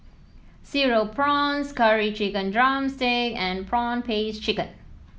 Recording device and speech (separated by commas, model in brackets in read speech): mobile phone (iPhone 7), read sentence